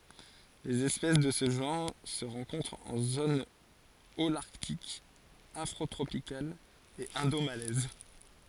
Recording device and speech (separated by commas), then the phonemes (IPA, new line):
forehead accelerometer, read sentence
lez ɛspɛs də sə ʒɑ̃ʁ sə ʁɑ̃kɔ̃tʁt ɑ̃ zon olaʁtik afʁotʁopikal e ɛ̃domalɛz